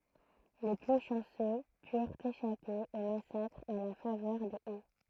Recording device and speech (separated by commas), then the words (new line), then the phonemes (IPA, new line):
throat microphone, read sentence
Les plus chanceux purent échapper au massacre à la faveur des haies.
le ply ʃɑ̃sø pyʁt eʃape o masakʁ a la favœʁ de ɛ